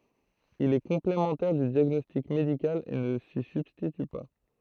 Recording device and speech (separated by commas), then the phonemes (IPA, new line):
throat microphone, read sentence
il ɛ kɔ̃plemɑ̃tɛʁ dy djaɡnɔstik medikal e nə si sybstity pa